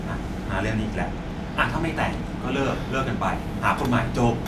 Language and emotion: Thai, frustrated